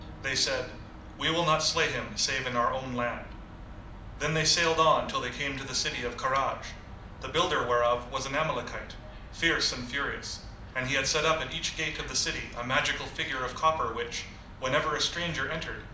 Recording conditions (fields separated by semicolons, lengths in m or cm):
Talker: one person; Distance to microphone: 2.0 m; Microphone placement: close; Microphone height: 99 cm; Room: medium-sized (5.7 m by 4.0 m); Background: television